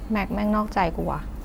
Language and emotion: Thai, frustrated